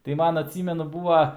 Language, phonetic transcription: Lithuanian, tai ˈman atˈsymenu ˈbūva

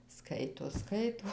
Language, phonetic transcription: Lithuanian, ˈskaito ˈskaito

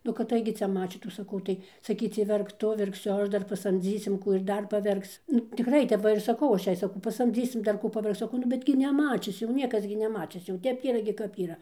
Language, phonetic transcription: Lithuanian, nu kad ˈtaigi ˈcia ˈmačytų saˈkau tai saˈkycie ˈverk ˈtu ˈverksiu ˈaš ˈdar paˈsamdzysim ˈkų ir ˈdar paˈverks nu tikˈrai tep ˈva ir saˈkau ˈaš ˈjai saˈkau pasamˈdzysim dar ˈkų paˈverkc saˈkau nu ˈbet gi neˈmačis jau ˈniekas gi neˈmačis jau ˈtep gi ˈyra kap ˈyra

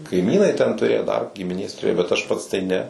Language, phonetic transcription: Lithuanian, kaiˈmynai ten tuˈrėjo dar gimiˈnės turėjo bet aš ˈpats tai ˈne

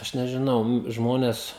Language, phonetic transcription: Lithuanian, ˈaš nežiˈnau ˈnu ˈžmones

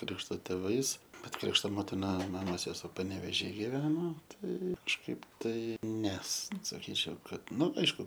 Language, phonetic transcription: Lithuanian, ˈkrikšto tėˈvais ˈbet ˈkrikšto ˈmotina ˈmamos seˈsuo panevėˈžy giˈveno ˈtai kažˈkaip tai ˈnes saˈkyčiau ˈkad ˈnu ˈaišku

